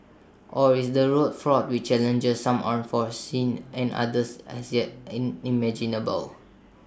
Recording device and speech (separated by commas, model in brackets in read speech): standing microphone (AKG C214), read sentence